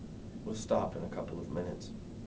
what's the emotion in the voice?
neutral